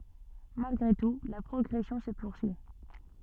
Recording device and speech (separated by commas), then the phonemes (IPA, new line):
soft in-ear microphone, read sentence
malɡʁe tu la pʁɔɡʁɛsjɔ̃ sə puʁsyi